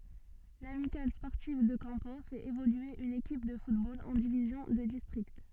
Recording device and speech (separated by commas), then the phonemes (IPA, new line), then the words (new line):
soft in-ear microphone, read sentence
lamikal spɔʁtiv də kɑ̃po fɛt evolye yn ekip də futbol ɑ̃ divizjɔ̃ də distʁikt
L'Amicale sportive de Campeaux fait évoluer une équipe de football en division de district.